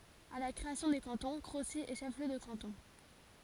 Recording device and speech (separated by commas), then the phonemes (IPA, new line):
forehead accelerometer, read sentence
a la kʁeasjɔ̃ de kɑ̃tɔ̃ kʁosi ɛ ʃɛf ljø də kɑ̃tɔ̃